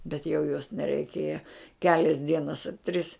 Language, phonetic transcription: Lithuanian, bet jau jos nereiˈkėja ˈkelias ˈdienas a tris

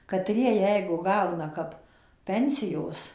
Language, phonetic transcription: Lithuanian, kaˈtrie ˈjeigu ˈgauna kap ˈpensijos

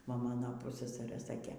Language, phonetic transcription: Lithuanian, ˈva ˈmano ˈpussasarɘ ˈsakė

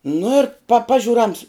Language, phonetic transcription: Lithuanian, nu ir pa ˈpažiur ans

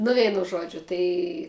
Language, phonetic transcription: Lithuanian, nu ˈveinu ˈžuodžiu ˈtai

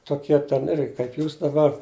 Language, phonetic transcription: Lithuanian, toˈkie ten ˈirgi kaip ˈjūs daˈbar

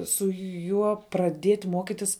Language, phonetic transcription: Lithuanian, su ˈjuo praˈdiet' ˈmuokitis

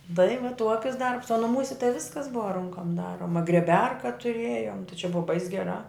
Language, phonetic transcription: Lithuanian, tai va ˈtuokis ˈdarbs o nuˈmūse tai ˈviskas ˈbuva ˈrunkom ˈdaroma grieˈberka tuˈrėjom tai čia ˈbuva bais geˈrā

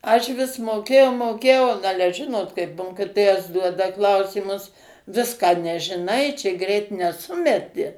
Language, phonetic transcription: Lithuanian, aš vis moˈkėjau moˈkėjau n ˈale ˈžinot kaip ˈmokitojas ˈduoda ˈklausymus ˈviską nežiˈnai ˈčia ˈgreit neˈsumeti

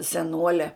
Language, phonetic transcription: Lithuanian, seˈnuole

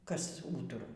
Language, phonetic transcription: Lithuanian, kas ˈūturau

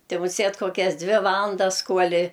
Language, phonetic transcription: Lithuanian, ˈti muˈsėt koˈkias ˈdvi ˈvalandas ˈkuoli

